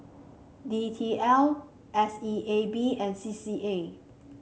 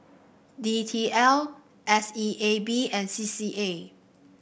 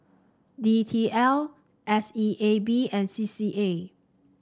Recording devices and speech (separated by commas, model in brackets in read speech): mobile phone (Samsung C5), boundary microphone (BM630), standing microphone (AKG C214), read sentence